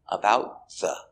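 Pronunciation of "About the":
In 'about the', the two words are linked, and the T at the end of 'about' is a stop T, with the air stopped.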